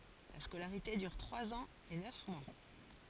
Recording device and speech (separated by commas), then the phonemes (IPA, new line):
forehead accelerometer, read sentence
la skolaʁite dyʁ tʁwaz ɑ̃z e nœf mwa